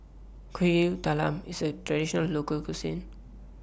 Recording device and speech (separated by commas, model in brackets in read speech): boundary microphone (BM630), read sentence